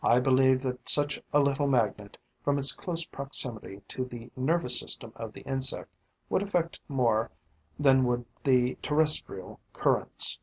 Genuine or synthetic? genuine